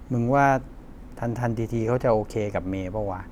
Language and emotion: Thai, frustrated